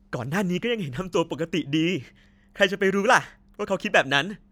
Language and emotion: Thai, happy